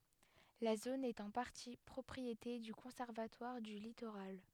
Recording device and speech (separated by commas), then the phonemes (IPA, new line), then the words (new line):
headset microphone, read sentence
la zon ɛt ɑ̃ paʁti pʁɔpʁiete dy kɔ̃sɛʁvatwaʁ dy litoʁal
La zone est en partie propriété du Conservatoire du littoral.